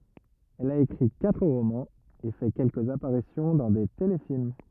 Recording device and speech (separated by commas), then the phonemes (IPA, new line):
rigid in-ear microphone, read sentence
ɛl a ekʁi katʁ ʁomɑ̃z e fɛ kɛlkəz apaʁisjɔ̃ dɑ̃ de telefilm